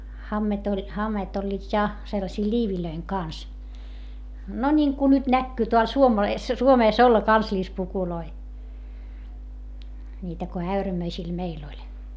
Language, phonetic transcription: Finnish, hammet ‿oĺ , hammeet ‿oĺĺiit ja , sellasii ĺiivilöiŋ kans , no ńiŋku nyt näkkyy teäl Suomees , Suomees olla kansĺispukuloi , ńiitä ko äyrämöisil meil ‿oĺ .
- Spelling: hameet oli hameet olivat ja sellaisia liivien kanssa no niin kuin nyt näkyy täällä Suomessa Suomessa olla kansallispukuja niitä kun äyrämöisillä meillä oli

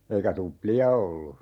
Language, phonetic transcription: Finnish, 'eikä "tupli₍a 'ollu .
- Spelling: eikä tuplia ollut

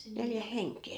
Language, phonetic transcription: Finnish, 'neljä "heŋkkee .
- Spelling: neljä henkeä

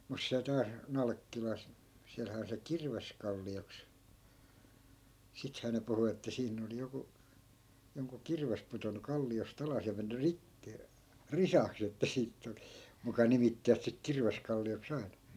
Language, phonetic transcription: Finnish, mus (siäl) 'taas , "nalᵃkkilas , 'siälhää on se "kirveskalli₍oks , 'sithää ne 'puhu että 'siinn ‿oli joku , joŋku 'kirves putonnu 'kalli₍os't ‿alas ja 'menny "rikki- , "risaks jotta 'siit tuli , muka 'nimittivät sik 'kirveskalli₍ok's ‿ai̮na .
- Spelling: mutta siellä taas Nalkkilassa siellähän on se Kirveskallioksi sittenhän ne puhui että siinä oli joku jonkun kirves pudonnut kalliosta alas ja mennyt - risaksi jotta siitä tuli muka nimittivät siksi Kirveskallioksi aina

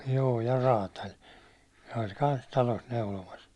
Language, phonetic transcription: Finnish, joo ja 'raataĺ , se oĺ 'kans talos 'neulomas .
- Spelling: joo ja räätäli se oli kanssa talossa neulomassa

